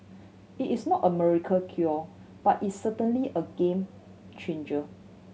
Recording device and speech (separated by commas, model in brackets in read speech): mobile phone (Samsung C7100), read sentence